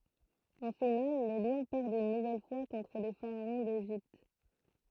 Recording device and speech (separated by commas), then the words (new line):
throat microphone, read sentence
En finale les Lions perdent une nouvelle fois contre les Pharaons d'Égypte.